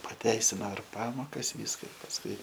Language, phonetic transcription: Lithuanian, paˈteisino ir ˈpamokas ˈvyska pasˈkui

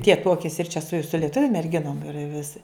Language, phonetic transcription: Lithuanian, tie ˈtuokėsi ir čia su su lieˈtuviu merˈginom ir viˈsi

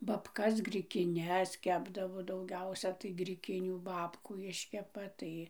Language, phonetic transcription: Lithuanian, baˈbkas grikiˈnes ˈkepdavo dauˈgiausia tai griˈkinių ˈbabkų ˈiškepa ˈtai

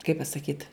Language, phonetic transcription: Lithuanian, kaip pasaˈkyt

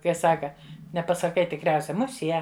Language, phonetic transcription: Lithuanian, kai ˈsaka nepasaˈkai tikˈriausia ˈmuˈsie

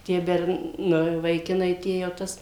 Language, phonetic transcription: Lithuanian, tie ˈbern nu vaiˈkinai ˈtie jau ˈtas

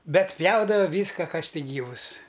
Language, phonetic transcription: Lithuanian, ˈbet ˈpjaudava ˈvyska ˈkas ˈtik ˈgyvus

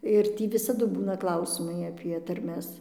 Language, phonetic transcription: Lithuanian, ir ˈtį visaˈdu ˈbūna ˈklausimai apie tarˈmes

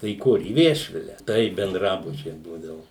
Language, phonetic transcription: Lithuanian, tai į ˈkur į ˈviešvile tai benˈdrabučiai ˈbūdavu

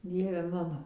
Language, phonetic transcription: Lithuanian, ˈdieve ˈmano

